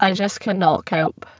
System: VC, spectral filtering